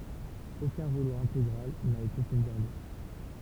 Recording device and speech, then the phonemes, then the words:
temple vibration pickup, read sentence
okœ̃ ʁulo ɛ̃teɡʁal na ete sovɡaʁde
Aucun rouleau intégral n'a été sauvegardé.

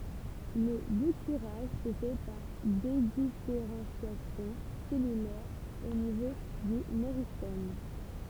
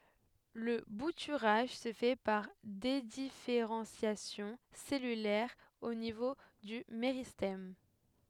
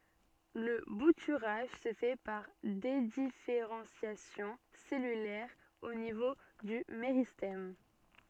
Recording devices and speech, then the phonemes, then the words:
temple vibration pickup, headset microphone, soft in-ear microphone, read sentence
lə butyʁaʒ sə fɛ paʁ dedifeʁɑ̃sjasjɔ̃ sɛlylɛʁ o nivo dy meʁistɛm
Le bouturage se fait par dédifférenciation cellulaire au niveau du méristème.

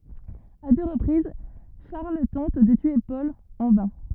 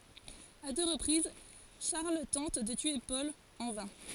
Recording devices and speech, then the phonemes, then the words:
rigid in-ear microphone, forehead accelerometer, read sentence
a dø ʁəpʁiz ʃaʁl tɑ̃t də tye pɔl ɑ̃ vɛ̃
À deux reprises, Charles tente de tuer Paul – en vain.

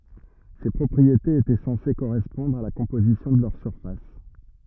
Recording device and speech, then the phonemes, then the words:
rigid in-ear microphone, read sentence
se pʁɔpʁietez etɛ sɑ̃se koʁɛspɔ̃dʁ a la kɔ̃pozisjɔ̃ də lœʁ syʁfas
Ces propriétés étaient censées correspondre à la composition de leur surface.

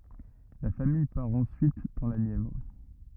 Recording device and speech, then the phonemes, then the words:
rigid in-ear microphone, read sentence
la famij paʁ ɑ̃syit dɑ̃ la njɛvʁ
La famille part ensuite dans la Nièvre.

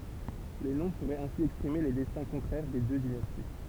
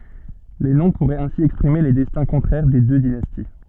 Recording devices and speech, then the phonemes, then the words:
temple vibration pickup, soft in-ear microphone, read sentence
le nɔ̃ puʁɛt ɛ̃si ɛkspʁime le dɛstɛ̃ kɔ̃tʁɛʁ de dø dinasti
Les noms pourraient ainsi exprimer les destins contraires des deux dynasties.

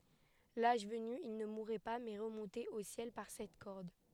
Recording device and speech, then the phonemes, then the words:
headset microphone, read sentence
laʒ vəny il nə muʁɛ pa mɛ ʁəmɔ̃tɛt o sjɛl paʁ sɛt kɔʁd
L'âge venu, ils ne mouraient pas mais remontaient au ciel par cette corde.

